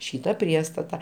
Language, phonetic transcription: Lithuanian, ˈšyta ˈpriestata

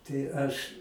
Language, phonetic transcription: Lithuanian, tai ˈaš

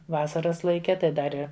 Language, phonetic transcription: Lithuanian, ˈvasaras laiˈke ˈtai ˈdar i

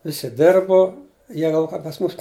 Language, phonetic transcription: Lithuanian, ˈvisi ˈdirbu ˈjie gal ˈka pas ˈmūs

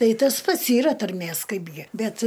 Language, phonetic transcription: Lithuanian, ˈtai ˈtas ˈpats yˈra tarˈmės ˈkaipgi ˈbet

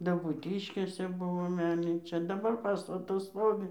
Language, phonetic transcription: Lithuanian, dabūˈtiškėse ˈbuvo ˈmelnyčia daˈbar ˈpastatas ˈstovi

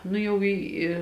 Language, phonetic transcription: Lithuanian, ˈnu jau ˈį i

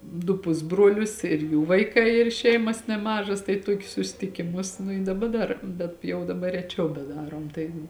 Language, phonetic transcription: Lithuanian, du ˈpusbruolius ir ˈjų vaiˈkai ir ˈšeimas neˈmažas tai ˈtokius susitikiˈmus nu i daˈba ˈdar bet jau daˈbar reˈčiau beˈdarom tai

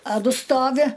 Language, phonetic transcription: Lithuanian, a ˈdu ˈstovi

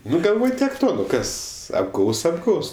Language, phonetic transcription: Lithuanian, ˈnu galˈvoj tiek ˈto ˈnu ˈkas apˈgaus apˈgaus

